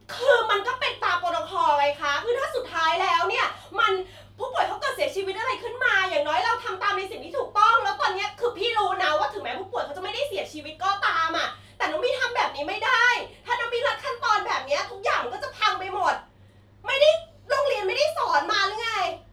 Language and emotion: Thai, angry